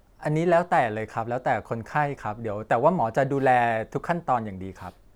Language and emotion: Thai, neutral